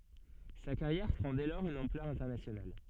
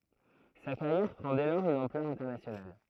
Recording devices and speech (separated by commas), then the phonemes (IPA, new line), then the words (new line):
soft in-ear microphone, throat microphone, read sentence
sa kaʁjɛʁ pʁɑ̃ dɛ lɔʁz yn ɑ̃plœʁ ɛ̃tɛʁnasjonal
Sa carrière prend dès lors une ampleur internationale.